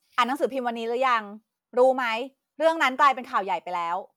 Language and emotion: Thai, angry